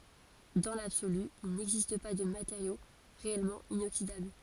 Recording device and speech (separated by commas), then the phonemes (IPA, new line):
forehead accelerometer, read sentence
dɑ̃ labsoly il nɛɡzist pa də mateʁjo ʁeɛlmɑ̃ inoksidabl